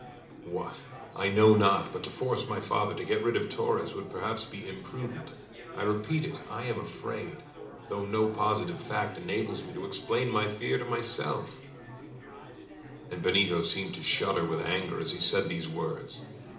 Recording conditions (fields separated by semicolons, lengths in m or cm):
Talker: one person; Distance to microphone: 2.0 m; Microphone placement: close; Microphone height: 99 cm; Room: medium-sized (5.7 m by 4.0 m); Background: babble